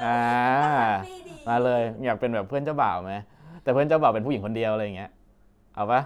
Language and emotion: Thai, happy